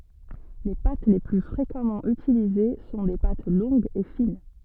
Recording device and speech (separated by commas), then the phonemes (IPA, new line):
soft in-ear microphone, read sentence
le pat le ply fʁekamɑ̃ ytilize sɔ̃ de pat lɔ̃ɡz e fin